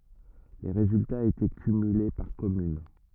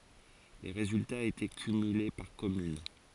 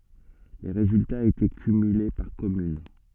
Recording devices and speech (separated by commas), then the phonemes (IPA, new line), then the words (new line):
rigid in-ear microphone, forehead accelerometer, soft in-ear microphone, read sentence
le ʁezyltaz etɛ kymyle paʁ kɔmyn
Les résultats étaient cumulés par commune.